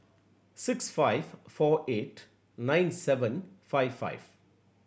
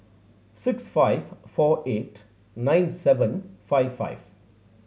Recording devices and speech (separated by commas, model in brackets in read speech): boundary microphone (BM630), mobile phone (Samsung C7100), read sentence